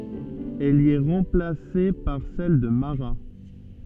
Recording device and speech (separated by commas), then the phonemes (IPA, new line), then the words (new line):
soft in-ear microphone, read sentence
ɛl i ɛ ʁɑ̃plase paʁ sɛl də maʁa
Elle y est remplacée par celle de Marat.